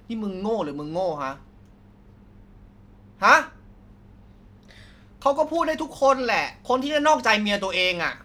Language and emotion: Thai, angry